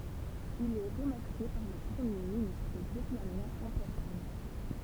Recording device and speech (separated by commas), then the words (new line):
temple vibration pickup, read sentence
Il est remercié par le premier ministre vietnamien en personne.